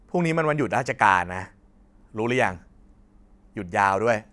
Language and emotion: Thai, frustrated